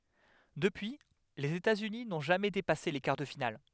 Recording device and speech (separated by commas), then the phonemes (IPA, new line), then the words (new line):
headset microphone, read sentence
dəpyi lez etatsyni nɔ̃ ʒamɛ depase le kaʁ də final
Depuis, les États-Unis n'ont jamais dépassé les quarts de finale.